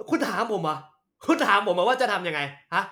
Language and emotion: Thai, angry